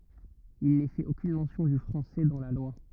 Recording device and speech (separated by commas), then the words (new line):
rigid in-ear microphone, read sentence
Il n'est fait aucune mention du français dans la loi.